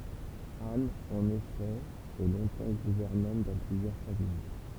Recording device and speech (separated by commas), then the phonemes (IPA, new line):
temple vibration pickup, read sentence
an ɑ̃n efɛ ɛ lɔ̃tɑ̃ ɡuvɛʁnɑ̃t dɑ̃ plyzjœʁ famij